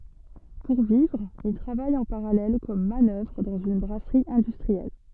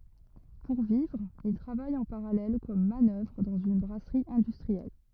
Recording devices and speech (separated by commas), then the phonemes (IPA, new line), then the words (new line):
soft in-ear microphone, rigid in-ear microphone, read sentence
puʁ vivʁ il tʁavaj ɑ̃ paʁalɛl kɔm manœvʁ dɑ̃z yn bʁasʁi ɛ̃dystʁiɛl
Pour vivre, il travaille en parallèle comme manœuvre dans une brasserie industrielle.